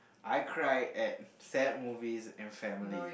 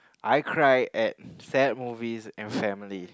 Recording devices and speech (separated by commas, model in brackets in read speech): boundary microphone, close-talking microphone, conversation in the same room